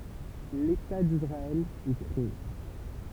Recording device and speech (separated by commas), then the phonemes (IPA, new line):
temple vibration pickup, read sentence
leta disʁaɛl ɛ kʁee